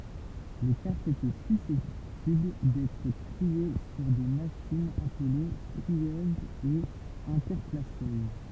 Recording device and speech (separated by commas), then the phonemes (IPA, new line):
temple vibration pickup, read sentence
le kaʁtz etɛ sysɛptibl dɛtʁ tʁie syʁ de maʃinz aple tʁiøzz e ɛ̃tɛʁklasøz